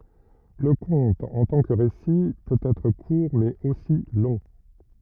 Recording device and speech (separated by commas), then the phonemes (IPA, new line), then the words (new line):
rigid in-ear microphone, read sentence
lə kɔ̃t ɑ̃ tɑ̃ kə ʁesi pøt ɛtʁ kuʁ mɛz osi lɔ̃
Le conte, en tant que récit, peut être court mais aussi long.